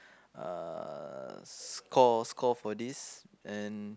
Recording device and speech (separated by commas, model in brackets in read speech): close-talking microphone, conversation in the same room